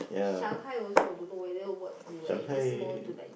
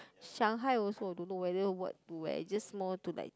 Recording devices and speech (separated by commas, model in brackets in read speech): boundary microphone, close-talking microphone, conversation in the same room